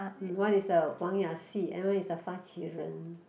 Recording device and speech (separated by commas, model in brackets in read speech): boundary microphone, conversation in the same room